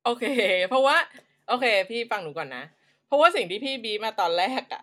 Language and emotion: Thai, happy